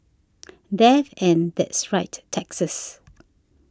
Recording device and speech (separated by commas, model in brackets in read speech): standing microphone (AKG C214), read sentence